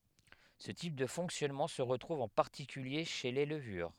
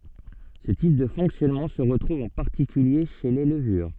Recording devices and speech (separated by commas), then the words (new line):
headset microphone, soft in-ear microphone, read sentence
Ce type de fonctionnement se retrouve en particulier chez les levures.